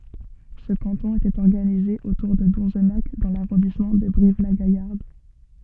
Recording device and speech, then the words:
soft in-ear microphone, read sentence
Ce canton était organisé autour de Donzenac dans l'arrondissement de Brive-la-Gaillarde.

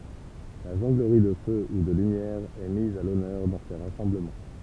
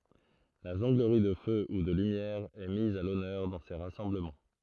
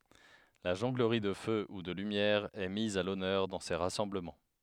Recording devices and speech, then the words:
temple vibration pickup, throat microphone, headset microphone, read sentence
La jonglerie de feu ou de lumière est mise à l'honneur dans ces rassemblements.

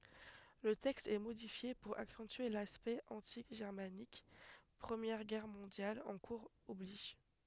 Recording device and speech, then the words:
headset microphone, read sentence
Le texte est modifié pour accentuer l'aspect anti-germanique, Première Guerre mondiale en cours oblige.

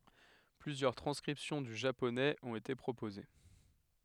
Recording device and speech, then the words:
headset microphone, read sentence
Plusieurs transcriptions du japonais ont été proposées.

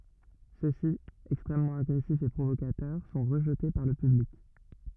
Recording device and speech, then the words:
rigid in-ear microphone, read sentence
Ceux-ci, extrêmement agressifs et provocateurs, sont rejetés par le public.

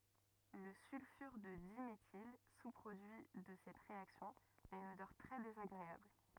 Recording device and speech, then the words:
rigid in-ear microphone, read sentence
Le sulfure de diméthyle, sous-produit de cette réaction, a une odeur très désagréable.

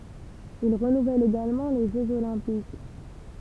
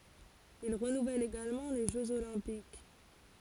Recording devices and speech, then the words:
temple vibration pickup, forehead accelerometer, read sentence
Il renouvelle également les Jeux olympiques.

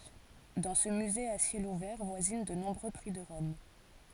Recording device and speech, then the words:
forehead accelerometer, read sentence
Dans ce musée à ciel ouvert voisinent de nombreux prix de Rome.

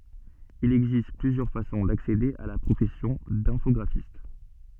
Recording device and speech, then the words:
soft in-ear microphone, read sentence
Il existe plusieurs façons d'accéder à la profession d'infographiste.

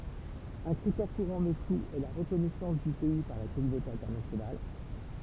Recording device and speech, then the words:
temple vibration pickup, read sentence
Un critère courant mais flou est la reconnaissance du pays par la communauté internationale.

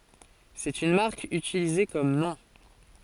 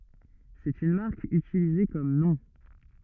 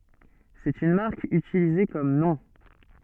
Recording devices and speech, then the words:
forehead accelerometer, rigid in-ear microphone, soft in-ear microphone, read sentence
C'est une marque utilisée comme nom.

